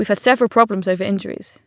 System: none